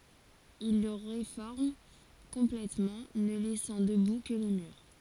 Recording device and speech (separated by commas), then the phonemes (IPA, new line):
forehead accelerometer, read sentence
il lə ʁefɔʁm kɔ̃plɛtmɑ̃ nə lɛsɑ̃ dəbu kə le myʁ